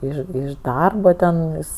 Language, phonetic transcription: Lithuanian, ˈiš iš ˈdarbo ten ˈjis

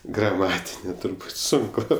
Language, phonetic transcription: Lithuanian, graˈmatinė turˈbūt ˈsunku

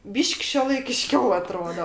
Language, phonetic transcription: Lithuanian, ˈbyš'k' šiuolaikiˈškiau aˈtrodo

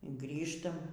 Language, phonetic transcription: Lithuanian, ˈgrįžtam

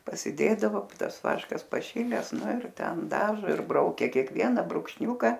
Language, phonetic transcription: Lithuanian, pasiˈdėdavo ˈtas ˈvaškas paˈšiles ˈnu ir ˈten daˈžo ir ˈbraukia kėkˈvieną brukšˈniūka

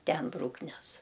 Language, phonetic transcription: Lithuanian, ˈten ˈbrūknes

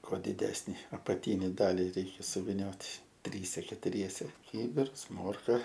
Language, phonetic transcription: Lithuanian, ˈkuo diˈdesni apaˈtyni ˈdali ˈreikia suviˈniot' ˈtryse ketuˈriese ˈkybirs ˈmorka

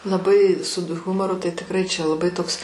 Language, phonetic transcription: Lithuanian, laˈbai sud ˈhumoru tai tikˈrai čia laˈbai ˈtoks

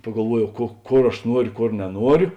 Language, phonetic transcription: Lithuanian, pagalˈvuoˌjau ko ˈkor aš ˈnuoriu ˈkor neˈnuoriu

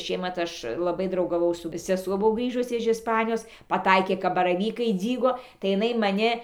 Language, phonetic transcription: Lithuanian, i ˈšiemat ˈaš laˈbai draugaˈvau su seˈsuo ˈbuvo ˈgrįžus iž isˈpanijos paˈtaikė kap baraˈvykai ˈdzygo tai jiˈnai maˈni

